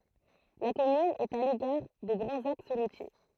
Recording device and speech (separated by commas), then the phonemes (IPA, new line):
throat microphone, read sentence
la kɔmyn ɛt a lekaʁ de ɡʁɑ̃z aks ʁutje